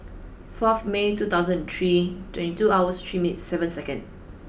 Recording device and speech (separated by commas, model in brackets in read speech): boundary microphone (BM630), read sentence